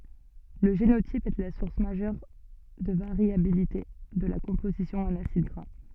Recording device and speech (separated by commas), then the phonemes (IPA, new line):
soft in-ear microphone, read sentence
lə ʒenotip ɛ la suʁs maʒœʁ də vaʁjabilite də la kɔ̃pozisjɔ̃ ɑ̃n asid ɡʁa